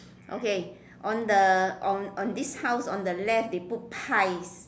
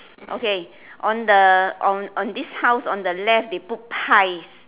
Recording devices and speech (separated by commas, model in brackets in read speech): standing microphone, telephone, conversation in separate rooms